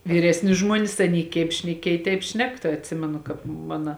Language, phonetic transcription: Lithuanian, viˈresni ˈžmuonis ˈaˌny keip šneˈkiej teip ˈšnek tai atˈsimenu ˈkāp ˈmana

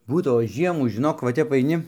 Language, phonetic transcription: Lithuanian, ˈbūdavo ˈžiemų žiˈnok va ˈtep aiˈni

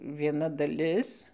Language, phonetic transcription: Lithuanian, vieˈna daˈlis

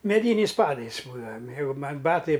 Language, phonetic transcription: Lithuanian, meˈdyniais ˈpadais ˈbūdava ˈjeigu ˈman' ˈbatai

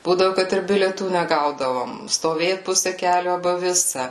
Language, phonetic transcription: Lithuanian, ˈbūdavu ˈkad ir bilieˈtų neˈgaudavom stoˈvėt ˈpuse ˈkeliu aˈba ˈvisa

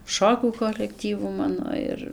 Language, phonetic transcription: Lithuanian, ˈšokių kolekˈtyvu ˈmano ir

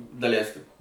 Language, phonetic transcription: Lithuanian, daˈleiskim

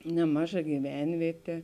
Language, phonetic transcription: Lithuanian, neˈmaˌža gyˈvenvietė

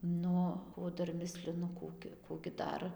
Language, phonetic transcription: Lithuanian, ˈnu o ˈdar ˈmislinu ˈkų gi ˈkų gi ˈdar

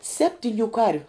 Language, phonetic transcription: Lithuanian, ˈseptiniu ˈkarviu

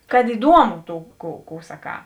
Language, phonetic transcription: Lithuanian, kad iˈduomu ˈtų kų kų saˈkā

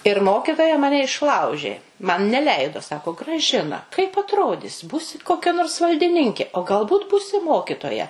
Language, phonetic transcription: Lithuanian, ir ˈmokitoja ˈmane išˈlaužė man neˈleido ˈsako graˈžina kaip atˈrodis ˈbūsi koˈkia nors valdiˈninkė o galˈbūt ˈbūsi ˈmokitoja

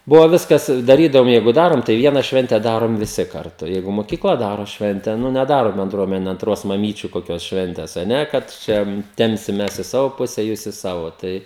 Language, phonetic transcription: Lithuanian, ˈbuvo ˈviskas i daˈrydavom ˈjeigu ˈdarom tai ˈviena ˈšvente ˈdarom viˈsi karˈtu ˈjeigu moˈkykla ˈdaro ˈšvente nu neˈdaro benˈdruomene anˈtros maˈmyčiu koˈkios ˈšventės a ˈne kad ˈčia ˈtempsim ˈmes i ˈsavo ˈpuse jūs i ˈsavo tai

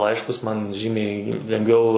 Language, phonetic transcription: Lithuanian, ˈlaiškus man ˈžymiai lengˈviau

